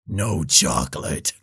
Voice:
Growling voice